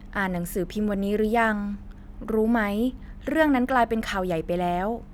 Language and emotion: Thai, neutral